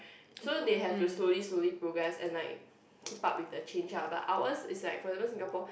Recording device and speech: boundary microphone, conversation in the same room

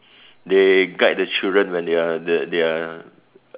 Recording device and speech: telephone, conversation in separate rooms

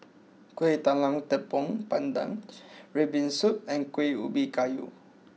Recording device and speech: mobile phone (iPhone 6), read sentence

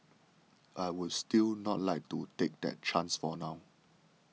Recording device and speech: mobile phone (iPhone 6), read sentence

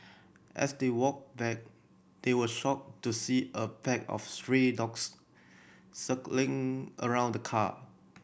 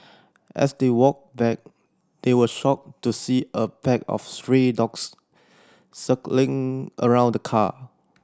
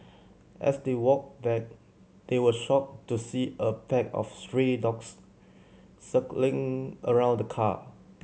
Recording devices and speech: boundary microphone (BM630), standing microphone (AKG C214), mobile phone (Samsung C7100), read sentence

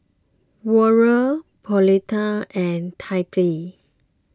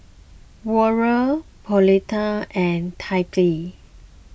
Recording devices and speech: close-talking microphone (WH20), boundary microphone (BM630), read sentence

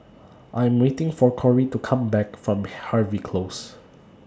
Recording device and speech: standing microphone (AKG C214), read sentence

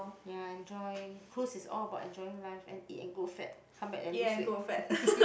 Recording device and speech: boundary microphone, conversation in the same room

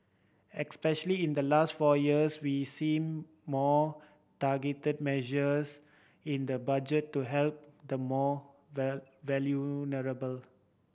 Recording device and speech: boundary microphone (BM630), read sentence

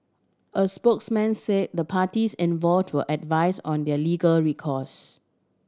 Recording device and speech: standing microphone (AKG C214), read sentence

